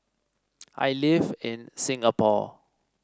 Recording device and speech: standing microphone (AKG C214), read sentence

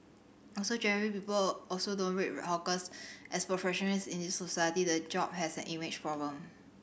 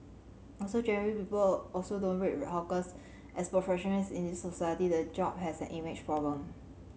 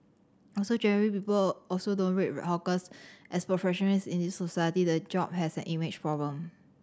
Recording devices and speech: boundary microphone (BM630), mobile phone (Samsung C7100), standing microphone (AKG C214), read sentence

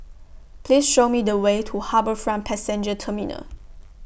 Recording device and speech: boundary microphone (BM630), read sentence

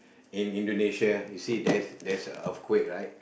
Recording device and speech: boundary microphone, conversation in the same room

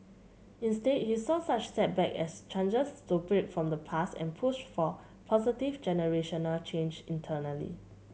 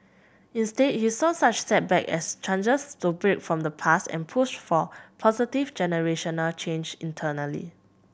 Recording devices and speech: mobile phone (Samsung C7100), boundary microphone (BM630), read sentence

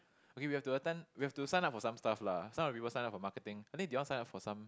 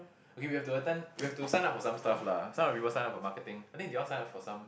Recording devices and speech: close-talking microphone, boundary microphone, conversation in the same room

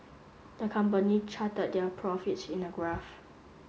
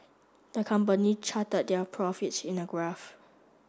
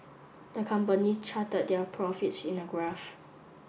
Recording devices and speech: mobile phone (Samsung S8), standing microphone (AKG C214), boundary microphone (BM630), read sentence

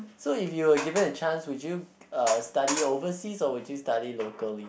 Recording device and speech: boundary microphone, conversation in the same room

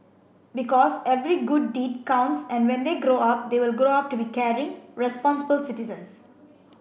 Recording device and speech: boundary microphone (BM630), read sentence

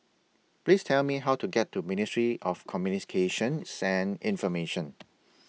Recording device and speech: mobile phone (iPhone 6), read sentence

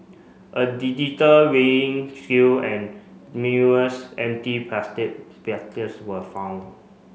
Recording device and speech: mobile phone (Samsung C5), read sentence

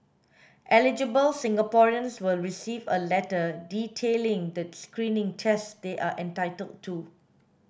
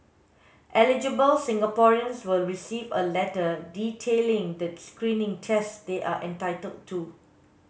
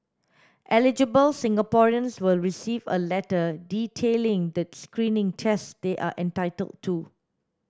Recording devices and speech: boundary microphone (BM630), mobile phone (Samsung S8), standing microphone (AKG C214), read sentence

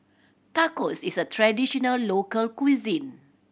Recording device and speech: boundary microphone (BM630), read sentence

